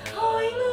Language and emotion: Thai, neutral